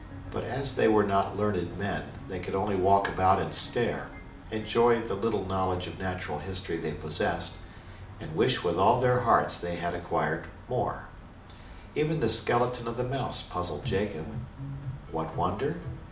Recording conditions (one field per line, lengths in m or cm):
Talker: one person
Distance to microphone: 2.0 m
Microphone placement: close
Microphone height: 99 cm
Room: medium-sized (5.7 m by 4.0 m)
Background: music